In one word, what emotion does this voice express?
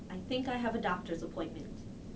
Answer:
neutral